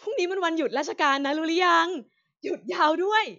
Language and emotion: Thai, happy